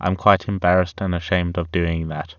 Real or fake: real